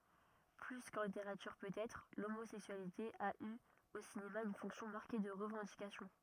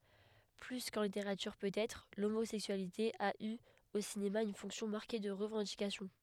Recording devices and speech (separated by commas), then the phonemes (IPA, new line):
rigid in-ear microphone, headset microphone, read sentence
ply kɑ̃ liteʁatyʁ pøtɛtʁ lomozɛksyalite a y o sinema yn fɔ̃ksjɔ̃ maʁke də ʁəvɑ̃dikasjɔ̃